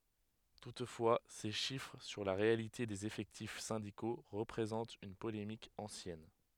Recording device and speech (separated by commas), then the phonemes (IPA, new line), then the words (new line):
headset microphone, read sentence
tutfwa se ʃifʁ syʁ la ʁealite dez efɛktif sɛ̃diko ʁəpʁezɑ̃t yn polemik ɑ̃sjɛn
Toutefois ces chiffres sur la réalité des effectifs syndicaux représente une polémique ancienne.